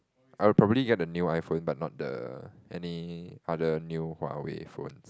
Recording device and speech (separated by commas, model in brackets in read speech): close-talking microphone, conversation in the same room